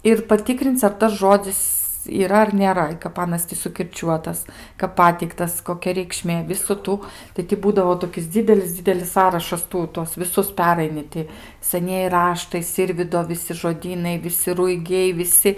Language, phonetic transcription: Lithuanian, ir paˈtikrin'c' ar ˈtas ˈžodzis yˈra ar nėˈra i kap ˈanas ti sukirˈčiuotas kap ˈpateiktas koˈkia reikˈšmė ˈvisu ˈtų tai ti ˈbūdavo toˈkis ˈdzydelis ˈdzydelis ˈsąrašas ˈtų ˈtuos viˈsus ˈperaini ˈti saˈnieji ˈraštai ˈsirvydo viˈsi žoˈdynai viˈsi ruiˈgiai viˈsi

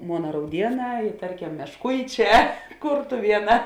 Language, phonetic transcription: Lithuanian, ˈmona rauˈdieˌnā i ˈtarˌkem mešˈkuiˌčē ˈkurtuvieˌnā

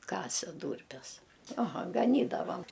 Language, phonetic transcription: Lithuanian, ˈkase ˈdūrpes aˈha gaˈnydavam

